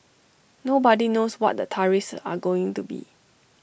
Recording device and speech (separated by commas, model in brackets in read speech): boundary microphone (BM630), read sentence